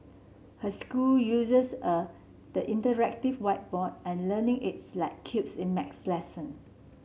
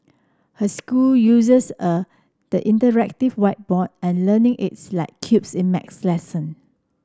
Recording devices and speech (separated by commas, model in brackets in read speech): mobile phone (Samsung C7), standing microphone (AKG C214), read sentence